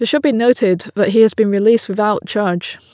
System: none